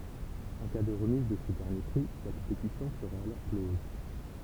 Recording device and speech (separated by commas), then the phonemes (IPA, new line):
temple vibration pickup, read sentence
ɑ̃ ka də ʁəmiz də sə dɛʁnje pʁi la kɔ̃petisjɔ̃ səʁɛt alɔʁ klɔz